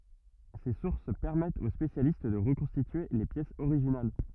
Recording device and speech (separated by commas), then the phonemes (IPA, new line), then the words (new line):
rigid in-ear microphone, read sentence
se suʁs pɛʁmɛtt o spesjalist də ʁəkɔ̃stitye le pjɛsz oʁiʒinal
Ces sources permettent aux spécialistes de reconstituer les pièces originales.